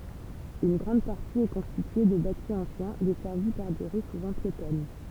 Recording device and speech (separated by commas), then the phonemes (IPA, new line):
temple vibration pickup, read sentence
yn ɡʁɑ̃d paʁti ɛ kɔ̃stitye də bati ɑ̃sjɛ̃ dɛsɛʁvi paʁ de ʁy suvɑ̃ pjetɔn